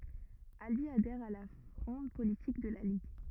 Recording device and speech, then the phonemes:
rigid in-ear microphone, read sentence
albi adɛʁ a la fʁɔ̃d politik də la liɡ

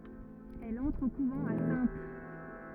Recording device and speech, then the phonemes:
rigid in-ear microphone, read sentence
ɛl ɑ̃tʁ o kuvɑ̃ a sɛ̃t

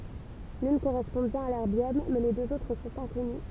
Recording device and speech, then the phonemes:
temple vibration pickup, read sentence
lyn koʁɛspɔ̃ bjɛ̃n a lɛʁbjɔm mɛ le døz otʁ sɔ̃t ɛ̃kɔny

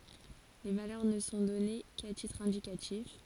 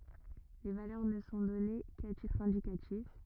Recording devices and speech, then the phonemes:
forehead accelerometer, rigid in-ear microphone, read sentence
le valœʁ nə sɔ̃ dɔne ka titʁ ɛ̃dikatif

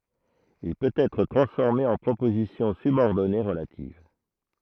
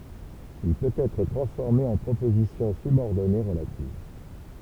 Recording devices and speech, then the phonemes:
throat microphone, temple vibration pickup, read sentence
il pøt ɛtʁ tʁɑ̃sfɔʁme ɑ̃ pʁopozisjɔ̃ sybɔʁdɔne ʁəlativ

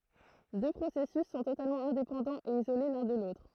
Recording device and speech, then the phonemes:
throat microphone, read sentence
dø pʁosɛsys sɔ̃ totalmɑ̃ ɛ̃depɑ̃dɑ̃z e izole lœ̃ də lotʁ

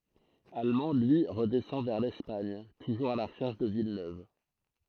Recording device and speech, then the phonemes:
throat microphone, read sentence
almɑ̃ lyi ʁədɛsɑ̃ vɛʁ lɛspaɲ tuʒuʁz a la ʁəʃɛʁʃ də vilnøv

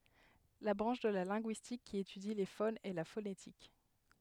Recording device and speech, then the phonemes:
headset microphone, read sentence
la bʁɑ̃ʃ də la lɛ̃ɡyistik ki etydi le fonz ɛ la fonetik

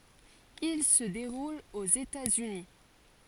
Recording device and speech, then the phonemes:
forehead accelerometer, read sentence
il sə deʁul oz etaz yni

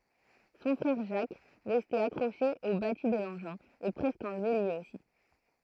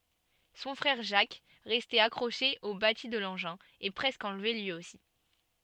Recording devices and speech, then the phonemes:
throat microphone, soft in-ear microphone, read sentence
sɔ̃ fʁɛʁ ʒak ʁɛste akʁoʃe o bati də lɑ̃ʒɛ̃ ɛ pʁɛskə ɑ̃lve lyi osi

